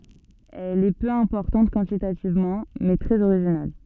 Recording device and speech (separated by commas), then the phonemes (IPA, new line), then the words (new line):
soft in-ear microphone, read sentence
ɛl ɛ pø ɛ̃pɔʁtɑ̃t kwɑ̃titativmɑ̃ mɛ tʁɛz oʁiʒinal
Elle est peu importante quantitativement, mais très originale.